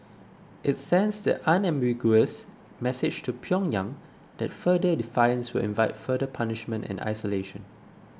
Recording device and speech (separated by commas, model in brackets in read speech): close-talking microphone (WH20), read sentence